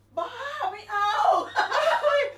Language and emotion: Thai, happy